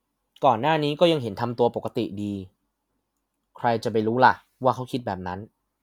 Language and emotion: Thai, neutral